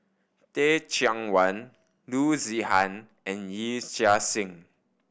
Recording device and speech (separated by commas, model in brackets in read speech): boundary microphone (BM630), read sentence